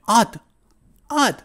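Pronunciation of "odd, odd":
'I would' is reduced to a short sound like the word 'odd', said twice, rather than a full 'I'd'.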